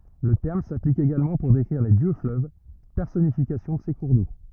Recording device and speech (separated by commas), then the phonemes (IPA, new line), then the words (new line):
rigid in-ear microphone, read sentence
lə tɛʁm saplik eɡalmɑ̃ puʁ dekʁiʁ le djøksfløv pɛʁsɔnifikasjɔ̃ də se kuʁ do
Le terme s'applique également pour décrire les dieux-fleuves, personnification de ces cours d'eau.